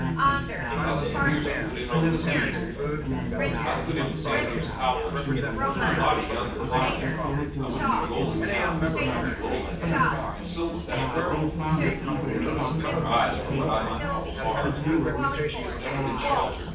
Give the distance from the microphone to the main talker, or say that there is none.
9.8 m.